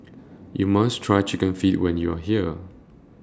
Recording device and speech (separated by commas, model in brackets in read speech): standing microphone (AKG C214), read sentence